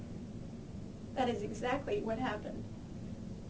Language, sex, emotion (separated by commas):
English, female, sad